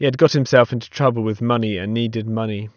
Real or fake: real